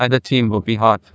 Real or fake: fake